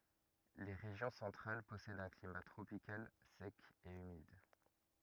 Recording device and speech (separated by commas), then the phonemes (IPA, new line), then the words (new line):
rigid in-ear microphone, read sentence
le ʁeʒjɔ̃ sɑ̃tʁal pɔsɛdt œ̃ klima tʁopikal sɛk e ymid
Les régions centrales possèdent un climat tropical sec et humide.